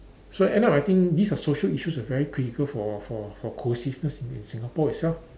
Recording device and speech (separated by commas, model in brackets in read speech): standing microphone, conversation in separate rooms